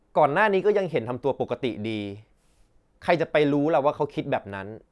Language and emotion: Thai, frustrated